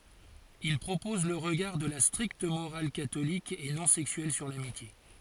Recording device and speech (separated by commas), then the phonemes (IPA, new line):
forehead accelerometer, read sentence
il pʁopɔz lə ʁəɡaʁ də la stʁikt moʁal katolik e nɔ̃ sɛksyɛl syʁ lamitje